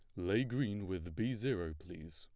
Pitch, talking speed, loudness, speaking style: 95 Hz, 185 wpm, -39 LUFS, plain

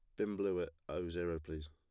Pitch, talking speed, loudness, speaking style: 85 Hz, 240 wpm, -40 LUFS, plain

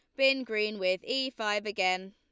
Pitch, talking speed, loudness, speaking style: 210 Hz, 190 wpm, -30 LUFS, Lombard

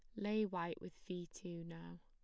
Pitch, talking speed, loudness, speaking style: 170 Hz, 195 wpm, -44 LUFS, plain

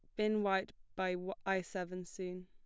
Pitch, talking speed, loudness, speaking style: 190 Hz, 160 wpm, -38 LUFS, plain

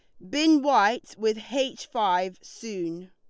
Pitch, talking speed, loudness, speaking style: 220 Hz, 130 wpm, -25 LUFS, Lombard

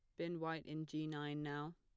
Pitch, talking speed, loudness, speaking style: 155 Hz, 230 wpm, -45 LUFS, plain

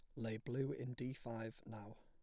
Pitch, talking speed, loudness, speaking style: 125 Hz, 200 wpm, -46 LUFS, plain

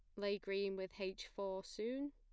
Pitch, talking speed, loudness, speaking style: 200 Hz, 185 wpm, -44 LUFS, plain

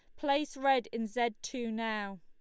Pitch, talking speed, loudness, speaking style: 235 Hz, 180 wpm, -33 LUFS, Lombard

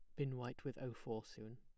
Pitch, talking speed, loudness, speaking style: 125 Hz, 265 wpm, -47 LUFS, plain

